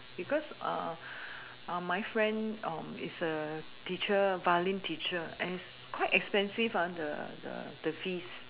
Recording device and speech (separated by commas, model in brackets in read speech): telephone, conversation in separate rooms